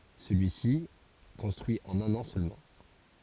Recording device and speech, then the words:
forehead accelerometer, read sentence
Celui-ci est construit en un an seulement.

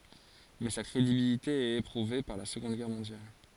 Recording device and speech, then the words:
forehead accelerometer, read sentence
Mais sa crédibilité est éprouvée par la Seconde Guerre mondiale.

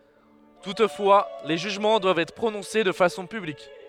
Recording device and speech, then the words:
headset microphone, read sentence
Toutefois, les jugements doivent être prononcés de façon publique.

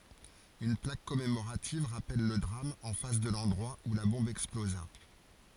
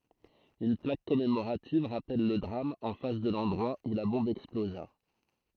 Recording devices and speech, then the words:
forehead accelerometer, throat microphone, read sentence
Une plaque commémorative rappelle le drame en face de l'endroit où la bombe explosa.

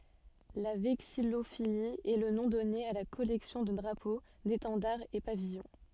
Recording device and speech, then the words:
soft in-ear microphone, read sentence
La vexillophilie est le nom donné à la collection de drapeaux, d'étendards et pavillons.

